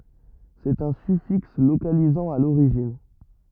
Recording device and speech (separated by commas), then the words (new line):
rigid in-ear microphone, read sentence
C'est un suffixe localisant à l'origine.